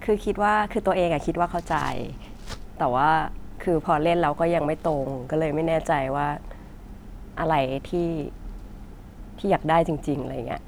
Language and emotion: Thai, frustrated